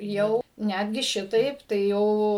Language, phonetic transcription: Lithuanian, ˈjau ˈnætgi ˈšitaip tai ˈjau

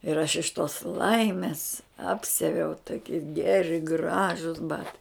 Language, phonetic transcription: Lithuanian, ir aš iš tos ˈlaimis ˈapsiaviau toˈki ˈgeri ˈgražus ˈbatai

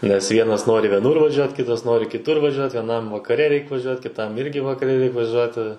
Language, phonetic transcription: Lithuanian, nes ˈvienas ˈnori vieˈnur vaˈžiuot ˈkitas ˈnori kiˈtur vaˈžiuot vieˈnam vakaˈre ˈreik vaˈžiuot kiˈtam ˈirgi vakaˈre ˈreik vaˈžiuoti

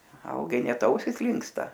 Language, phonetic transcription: Lithuanian, ˈvalgai ˈnet ˈausis ˈlinksta

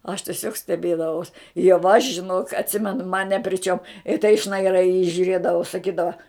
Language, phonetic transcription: Lithuanian, aš tieˈsiog steˈbėdavaus jau aš žiˈnok atˈsimenu man ne pri ˈčiom i tai šnaiˈrai i jį žiuˈrėdavau saˈkydava

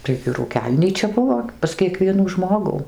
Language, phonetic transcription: Lithuanian, taigi rūˈkelnyčia ˈbuvo pas kieˈkvienų ˈžmogų

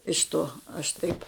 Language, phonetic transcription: Lithuanian, iš ˈto aš ˈtaip

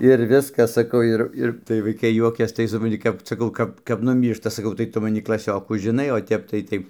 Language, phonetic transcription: Lithuanian, ir ˈviskas ˈsakau ˈir ˈir tai vaiˈkai ˈjuokias tai supranˈti ˈkap saˈkau ˈkap kap nuˈmyršta saˈkau tai ˈtu maˈni klaˈsiokų žiˈnai o ˈtep tai ˈtai

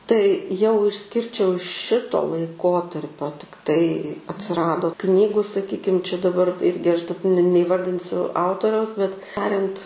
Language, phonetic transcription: Lithuanian, tai jau išˈskirčiau ˈšito laiˈkotarpio tikˈtai atsiˈrado ˈknygu saˈkykim čia daˈbar ˈirgi aš da ne neiˈvardinsiu ˈautoriaus bet ˈtariant

